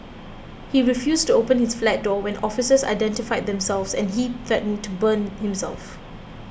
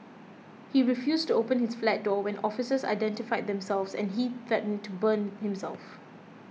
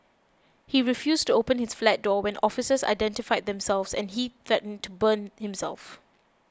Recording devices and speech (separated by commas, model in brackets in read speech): boundary microphone (BM630), mobile phone (iPhone 6), close-talking microphone (WH20), read sentence